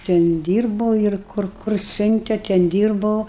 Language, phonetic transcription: Lithuanian, ˈten ˈdyrbo ir ˈkur kur ˈsiunte ten ˈdyrbau

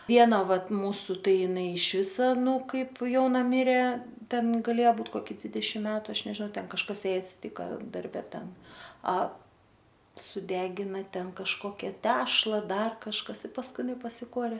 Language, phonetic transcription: Lithuanian, ˈviena ˈvat ˈmūsu ˈtai iˈnai išˈvisa ˈnū ˈkaip ˈjauna ˈmirė ˈten gaˈlėja ˈbūt ˈkoki ˈdvidešim ˈmetu ˈaš nežiˈnau ˈten kažˈkas ˈjai atsiˈtyka darˈbe ˈten a suˈdegina ˈten kažˈkokia ˈtešla ˈdar kažˈkas pasˈkui ˈinai pasiˈkuorė

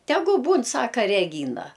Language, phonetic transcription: Lithuanian, ˈtegu ˈbūn ˈsaka reˈgyna

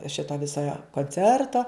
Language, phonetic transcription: Lithuanian, ˈšito ˈviso jo konˈcerto

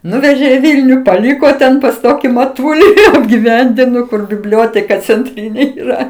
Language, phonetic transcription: Lithuanian, ˈnuvežė į ˈvylniu paˈlyko ten pas ˈtoki maˈtuli apgiˈvendino kur biˈblioteka cenˈtrynė yˈra

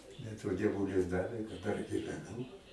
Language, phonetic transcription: Lithuanian, bet va dieˈvulis ˈdavė kad dar giveˈnū

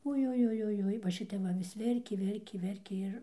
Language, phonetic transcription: Lithuanian, ujujujuˈjui va ˈšitep ˈva vis ˈverkė ˈverkė ˈverkė ˈir

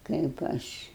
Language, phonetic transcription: Lithuanian, kaip ˈaš

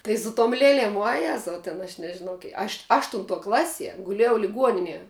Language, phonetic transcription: Lithuanian, tai su tom ˈlėlėm vuoˈjezau ten aš nežiˈnau kie aš ˈaštuntuo ˈklasie guˈlėjau liˈguoninie

